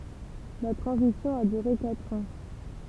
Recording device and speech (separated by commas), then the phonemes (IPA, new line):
temple vibration pickup, read sentence
la tʁɑ̃zisjɔ̃ a dyʁe katʁ ɑ̃